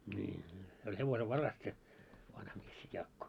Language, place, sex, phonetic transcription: Finnish, Moloskovitsa, male, ńii nii , se oĺ 'hevosev'varas se , 'vanha mies se 'Jaakko .
- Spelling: niin niin se oli hevosenvaras se vanha mies se Jaakko

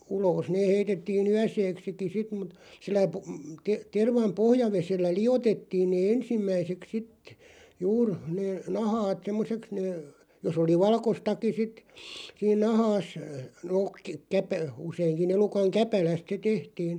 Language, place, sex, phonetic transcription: Finnish, Loppi, male, uloos nee 'heitettii"n ‿yäseeksiki 'sit mut , sillä pu- , te- 'tervam "pohja'vesellä "liʲotettiin nee "ensimmäiseks 'sit , 'juur , nee , 'nahaat "semmoseks nee , 'jos ‿oli "valkostaki sit , siin 'nahaas , nook ᵏ- käpä- , 'useiŋki 'elukaŋ "käpäläst se 'tehtiin .
- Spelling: ulos ne heitettiin yöksikin sitten mutta sillä - - tervan pohjavedellä liotettiin ne ensimmäiseksi sitten juuri ne nahat semmoiseksi ne jos oli valkoistakin sitten siinä nahassa no - - useinkin elukan käpälästä se tehtiin

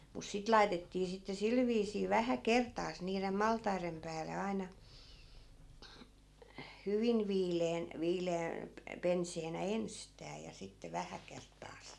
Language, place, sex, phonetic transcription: Finnish, Askola, female, mus 'sit laitettii sitte 'sil viisii 'vähä "kert̆taas niirem 'maltairem pääle 'ai̮na , 'hyvin 'viileen , 'viile₍ä , pe- , 'penseenä "enstää ja 'sitte 'vähä kerttaas .
- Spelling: mutta sitten laitettiin sitten sillä viisiin vähän kertaansa niiden maltaiden päälle aina hyvin viileän viileä - penseänä ensistään ja sitten vähän kertaansa

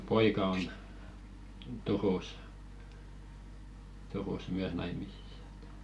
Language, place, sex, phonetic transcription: Finnish, Velkua, male, "poika on , 'Turus , Turus "myäs 'naimisissa ᴇt .
- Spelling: poika on Turussa Turussa myös naimisissa että

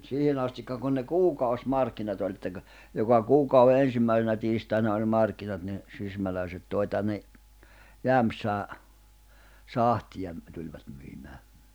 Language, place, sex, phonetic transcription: Finnish, Jämsä, male, 'siihenⁿ ‿astikka kun ne "kuukaus'markkinat ‿oĺ ᵉᵗtä (kə) , joka "kuukauʷe 'ensimmäisenä tiistaina oĺ ⁿᵉ 'markkinat ni , 'sysmälä̀iset 'tòi tänne , "Jämᵖsää 'sahtiʲa ‿m- , tuĺvat myimää .
- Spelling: siihen asti kun ne kuukausimarkkinat oli että kun joka kuukauden ensimmäisenä tiistaina oli ne markkinat niin sysmäläiset toi tänne Jämsään sahtia - tulivat myymään

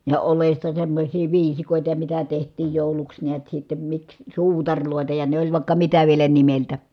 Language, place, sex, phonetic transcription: Finnish, Kitee, female, ja olesta semmośii viisikòita ja mitä teht̀iij jòuluks niät sittem miks , suutaŕlòeta ja ne oĺ vài̮kka mitä vielä nimeltä .
- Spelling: ja oljesta semmoisia viisikoita ja mitä tehtiin jouluksi näet sitten miksi suutareita ja ne oli vaikka mitä vielä nimeltä

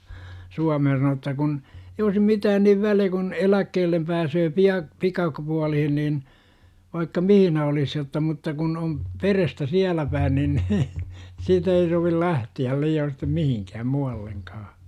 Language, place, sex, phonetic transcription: Finnish, Jurva, male, 'Suamehn sano että kun , ei oisi 'mitään niv väliÄ kun , "eläkkeellem 'pääsöö 'pia- , 'pikak pualihin niin , vaikka "mihinä olis jotta mutta kun om , 'perestä "siälä päin nin , siit ‿ei sovil 'lähti₍äl lii₍oon̬ sittem "m ihiŋkääm 'mu₍alleŋkaa .
- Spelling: Suomeen sanoi että kun ei olisi mitään niin väliä kun eläkkeelle pääsee - - pikapuoliin niin vaikka missä olisi jotta mutta kun on perhettä siellä päin niin siitä ei sovi lähteä liioin sitten - mihinkään muuallekaan

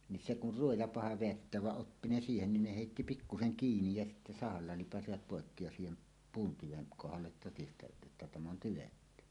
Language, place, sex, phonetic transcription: Finnish, Suomussalmi, male, ni se kur "ruoja 'paha veätteäv vaˀ 'ˀoppi ne "siihennin ne hèitti "pikkuseŋ 'kiinij ja sitte "sahalla 'lipasivat pòekki ja 'siihem , "puun tyveŋ 'kohallet totistajat ˀettä 'täm ‿on "tyvetty .
- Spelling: niin se kun ruoja paha vedättää vaan oppi ne siihenkin ne heitti pikkuisen kiinni ja sitten sahalla lipaisivat poikki ja siihen puun tyven kohdalle todistajat että tämä on tyvetty

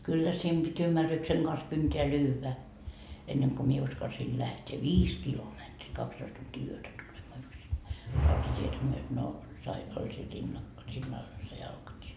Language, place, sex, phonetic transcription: Finnish, Markkova, female, kyllä siim Bit́ 'ymmärrykseŋ Gans kyntee 'lyyvä , enneŋ ko 'mie 'uskalsii lähtee "viis kilometri , kakstoist tuntii yötä tulemaa yksinnäi , 'rautat́ietä myöt no , sai , 'oĺ siin rinna- , 'rinnal oĺ se jalkatie .
- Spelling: kyllä siinä piti ymmärryksen kanssa kynteen lyödä ennen kuin minä uskalsin lähteä viisi kilometriä kaksitoista tuntia yötä tulemaan yksinäni rautatietä myöten no sai oli siinä - rinnalla oli se jalkatie

